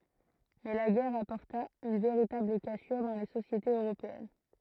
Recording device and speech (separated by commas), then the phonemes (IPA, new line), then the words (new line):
throat microphone, read sentence
mɛ la ɡɛʁ apɔʁta yn veʁitabl kasyʁ dɑ̃ le sosjetez øʁopeɛn
Mais la guerre apporta une véritable cassure dans les sociétés européennes.